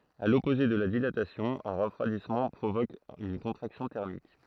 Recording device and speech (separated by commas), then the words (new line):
throat microphone, read sentence
À l'opposé de la dilatation, un refroidissement provoque une contraction thermique.